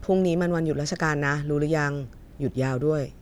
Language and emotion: Thai, neutral